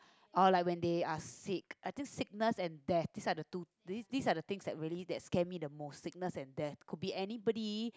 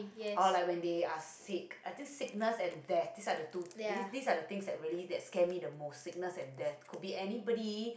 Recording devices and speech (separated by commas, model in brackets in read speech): close-talking microphone, boundary microphone, conversation in the same room